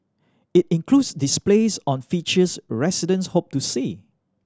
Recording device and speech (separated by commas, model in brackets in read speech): standing microphone (AKG C214), read sentence